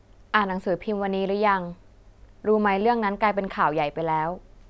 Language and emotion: Thai, neutral